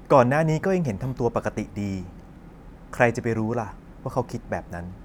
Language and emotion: Thai, neutral